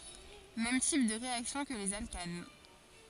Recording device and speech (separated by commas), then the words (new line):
forehead accelerometer, read sentence
Mêmes types de réactions que les alcanes.